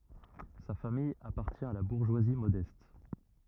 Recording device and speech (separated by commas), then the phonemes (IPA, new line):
rigid in-ear microphone, read sentence
sa famij apaʁtjɛ̃ a la buʁʒwazi modɛst